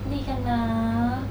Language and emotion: Thai, sad